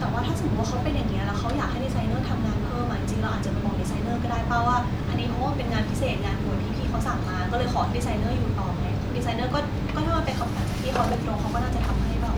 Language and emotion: Thai, neutral